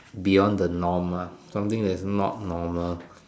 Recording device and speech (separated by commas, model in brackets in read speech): standing microphone, conversation in separate rooms